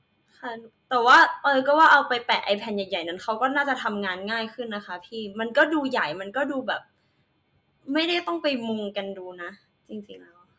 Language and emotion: Thai, frustrated